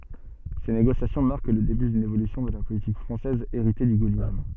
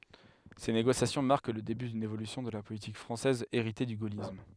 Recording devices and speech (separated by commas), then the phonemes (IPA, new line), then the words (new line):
soft in-ear microphone, headset microphone, read sentence
se neɡosjasjɔ̃ maʁk lə deby dyn evolysjɔ̃ də la politik fʁɑ̃sɛz eʁite dy ɡolism
Ces négociations marquent le début d'une évolution de la politique française héritée du gaullisme.